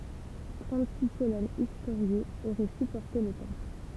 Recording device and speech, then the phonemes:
temple vibration pickup, read sentence
tʁɑ̃tziks kolɔnz istoʁjez oʁɛ sypɔʁte lə tɑ̃pl

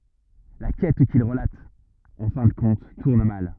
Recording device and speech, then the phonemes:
rigid in-ear microphone, read sentence
la kɛt kil ʁəlat ɑ̃ fɛ̃ də kɔ̃t tuʁn mal

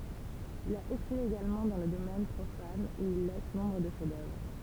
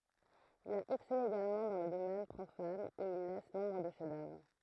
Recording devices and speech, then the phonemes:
temple vibration pickup, throat microphone, read sentence
il a ɛksɛle eɡalmɑ̃ dɑ̃ lə domɛn pʁofan u il lɛs nɔ̃bʁ də ʃɛfzdœvʁ

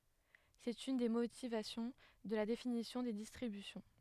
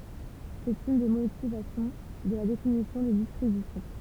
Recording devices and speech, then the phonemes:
headset microphone, temple vibration pickup, read sentence
sɛt yn de motivasjɔ̃ də la definisjɔ̃ de distʁibysjɔ̃

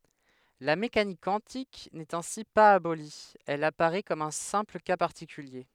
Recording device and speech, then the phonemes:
headset microphone, read sentence
la mekanik kwɑ̃tik nɛt ɛ̃si paz aboli ɛl apaʁɛ kɔm œ̃ sɛ̃pl ka paʁtikylje

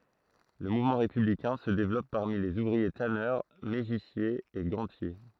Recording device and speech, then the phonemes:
throat microphone, read sentence
lə muvmɑ̃ ʁepyblikɛ̃ sə devlɔp paʁmi lez uvʁie tanœʁ meʒisjez e ɡɑ̃tje

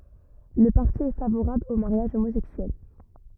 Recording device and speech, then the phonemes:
rigid in-ear microphone, read sentence
lə paʁti ɛ favoʁabl o maʁjaʒ omozɛksyɛl

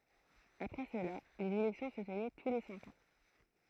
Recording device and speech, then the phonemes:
throat microphone, read sentence
apʁɛ səla lez elɛktjɔ̃ sə tənɛ tu le sɛ̃k ɑ̃

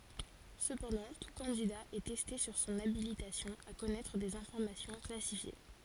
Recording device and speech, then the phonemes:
forehead accelerometer, read sentence
səpɑ̃dɑ̃ tu kɑ̃dida ɛ tɛste syʁ sɔ̃n abilitasjɔ̃ a kɔnɛtʁ dez ɛ̃fɔʁmasjɔ̃ klasifje

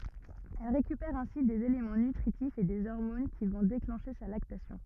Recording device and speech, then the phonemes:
rigid in-ear microphone, read sentence
ɛl ʁekypɛʁ ɛ̃si dez elemɑ̃ nytʁitifz e de ɔʁmon ki vɔ̃ deklɑ̃ʃe sa laktasjɔ̃

